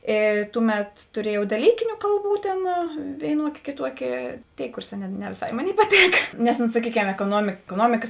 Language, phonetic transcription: Lithuanian, ˈė ˈtūˌmet tuˈriejau daˈlykiniu ˈkalˌbų tėn vėiˈnuokė kėˈtuokė ˈtėi ˈkūrˌsā ne ne vėˈsai ˈmoˌnėi paˈtėka nes no saˈkyˌkem ekoˈnuomik ekoˈnuomikas

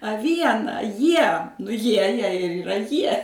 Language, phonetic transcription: Lithuanian, a ˈviena ˈjie nu ˈjie jai ir yˈra ˈjie

